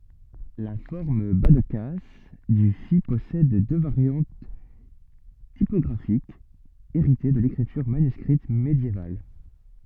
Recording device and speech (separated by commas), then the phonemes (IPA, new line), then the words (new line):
soft in-ear microphone, read sentence
la fɔʁm bazdkas dy fi pɔsɛd dø vaʁjɑ̃t tipɔɡʁafikz eʁite də lekʁityʁ manyskʁit medjeval
La forme bas-de-casse du phi possède deux variantes typographiques, héritées de l'écriture manuscrite médiévale.